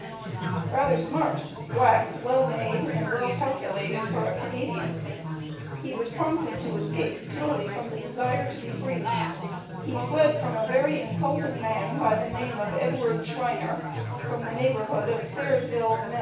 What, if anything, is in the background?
Crowd babble.